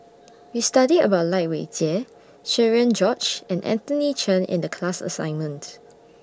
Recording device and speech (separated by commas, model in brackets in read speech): standing microphone (AKG C214), read sentence